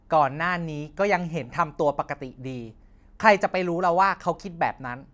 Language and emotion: Thai, angry